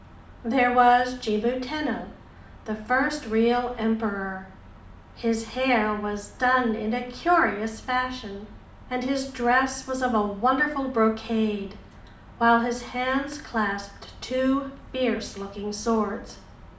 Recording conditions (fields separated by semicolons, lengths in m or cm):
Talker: one person; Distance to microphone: 2.0 m; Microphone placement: close; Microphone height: 99 cm; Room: medium-sized (5.7 m by 4.0 m); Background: none